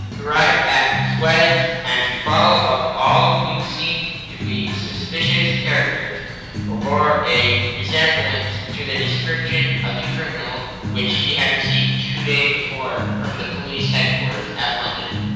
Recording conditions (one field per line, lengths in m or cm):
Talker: one person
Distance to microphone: 7.1 m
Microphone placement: far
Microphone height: 1.7 m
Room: very reverberant, large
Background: music